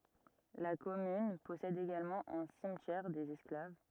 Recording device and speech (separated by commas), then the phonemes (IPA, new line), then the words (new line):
rigid in-ear microphone, read sentence
la kɔmyn pɔsɛd eɡalmɑ̃ œ̃ simtjɛʁ dez ɛsklav
La commune possède également un cimetière des Esclaves.